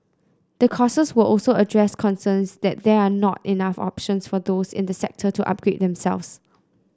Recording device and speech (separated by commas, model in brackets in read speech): close-talking microphone (WH30), read sentence